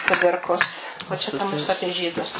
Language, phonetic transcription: Lithuanian, kuˈdirkos o ˈčia ˈta ˈmusu ˈapie ˈžydus

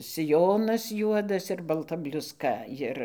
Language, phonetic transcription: Lithuanian, siˈjonas ˈjuodas ir balˈta bliusˈka ˈjir

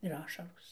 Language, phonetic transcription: Lithuanian, ir ˈašaros

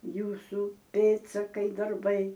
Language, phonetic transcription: Lithuanian, ˈjūsu ˈpėdsakai darˈbai

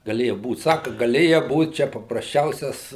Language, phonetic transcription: Lithuanian, gaˈlėja ˈbūt ˈsaka gaˈlėja ˈbūt ˈčia paprasˈčiausias

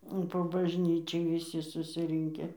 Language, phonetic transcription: Lithuanian, po bažˈnyčiai viˈsi susiˈrinke

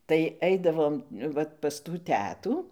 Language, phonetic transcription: Lithuanian, tai ˈeidavom ˈvat pas tų ˈtetų

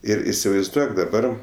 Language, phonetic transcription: Lithuanian, ˈir isivaizˈduok daˈbar

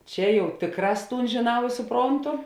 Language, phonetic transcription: Lithuanian, ˈčia ˈjau ˈtėkˌrās ˈtūn žėˈnau ir suˈprontu

